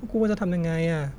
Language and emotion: Thai, sad